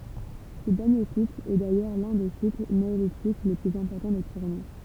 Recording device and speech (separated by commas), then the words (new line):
temple vibration pickup, read sentence
Ce dernier site est d'ailleurs l'un des sites néolithiques les plus importants des Pyrénées.